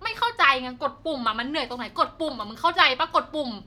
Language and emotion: Thai, angry